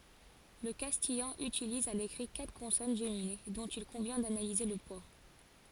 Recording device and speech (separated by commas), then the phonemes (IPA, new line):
forehead accelerometer, read sentence
lə kastijɑ̃ ytiliz a lekʁi katʁ kɔ̃sɔn ʒemine dɔ̃t il kɔ̃vjɛ̃ danalize lə pwa